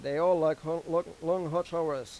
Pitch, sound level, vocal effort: 165 Hz, 95 dB SPL, normal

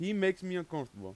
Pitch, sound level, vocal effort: 175 Hz, 93 dB SPL, very loud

